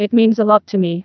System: TTS, neural waveform model